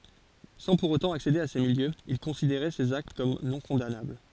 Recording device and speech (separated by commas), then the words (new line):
forehead accelerometer, read sentence
Sans pour autant accéder à ces milieux, il considérait ces actes comme non-condamnables.